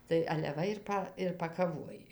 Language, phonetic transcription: Lithuanian, tai ale ˈva ir ˈpa ir pakaˈvoj

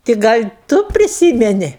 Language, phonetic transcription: Lithuanian, ti ˈgal' ˈtu priˈsymeni

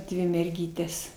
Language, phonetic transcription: Lithuanian, ˈdvi merˈgytes

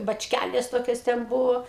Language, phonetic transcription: Lithuanian, bačˈkælės ˈtokios ten ˈbuvo

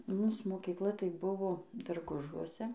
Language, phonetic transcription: Lithuanian, ˈmūs mokyˈkla tai ˈbuvo darˈgužuose

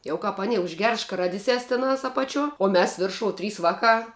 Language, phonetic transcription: Lithuanian, ˈjau kap aˈni užˈgers škaˈradises tiˈnas apaˈčiuo o ˈmes ˈviršou ˈtrys ˈvaˌkā

